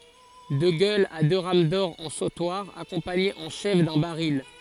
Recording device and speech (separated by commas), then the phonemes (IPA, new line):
forehead accelerometer, read sentence
də ɡœlz a dø ʁam dɔʁ ɑ̃ sotwaʁ akɔ̃paɲez ɑ̃ ʃɛf dœ̃ baʁil